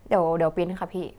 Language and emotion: Thai, neutral